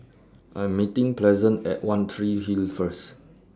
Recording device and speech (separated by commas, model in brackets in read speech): standing microphone (AKG C214), read sentence